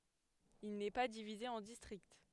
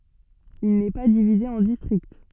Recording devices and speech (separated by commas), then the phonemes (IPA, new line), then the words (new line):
headset microphone, soft in-ear microphone, read sentence
il nɛ pa divize ɑ̃ distʁikt
Il n'est pas divisé en districts.